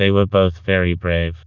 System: TTS, vocoder